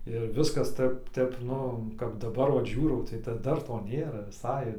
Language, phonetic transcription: Lithuanian, ir ˈviskas ˈtəp ˈtep ˈnu kap daˈbar ˈvat ˈžiūrau tai da ˈdar ˈto ˈnėra viˈsai

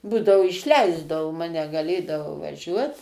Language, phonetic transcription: Lithuanian, ˈbūdavo išˈleisdavo ˈmane gaˈlėdavau vaˈžiuot

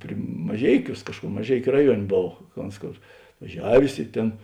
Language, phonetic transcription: Lithuanian, pri maˈžeiˌkiūs ˈkažkur maˈžeikiu ˈraˌjuon' ˈbov ka ˈons ˈkor atvaˈžiavės i ˈtėn

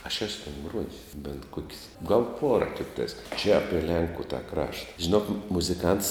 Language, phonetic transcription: Lithuanian, aš ˈesu ten ˈgruojis bent ˈkuok's' gal ˈpuora ˈtiktais čia ˈapie ˈlenku ta ˈkrašta žiˈnok muziˈkants

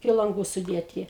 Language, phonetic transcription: Lithuanian, iki lanˈgų suˈdėti

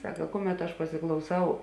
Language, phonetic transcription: Lithuanian, ˈsaka ˈkuˌmet aš pasiklauˈsau

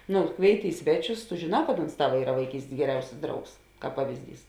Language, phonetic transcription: Lithuanian, ˈnu ˈkvėiˌti ˈi sveˌčius tu žėˈnā kad ons ˈtava ˈyra vaiˈkystės geˈriausis ˈdraugs ˈkāp ˈpavizˌdys

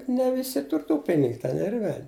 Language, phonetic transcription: Lithuanian, ne ˈvisi ˈtur tų ˈpinig ten ir ˈvel'

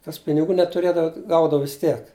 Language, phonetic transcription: Lithuanian, kas piniˈgų netuˈrėdava ˈgaudava vis ˈtiek

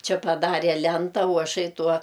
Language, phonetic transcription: Lithuanian, ˈči paˈdarė ˈlenta o aˈšai ˈtuo

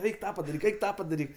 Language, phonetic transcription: Lithuanian, ˈeik ˈtą padaˈryk ˈeik ˈtą padaˈryk

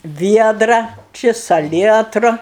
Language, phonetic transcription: Lithuanian, ˈviedra ˈči saˈlietru

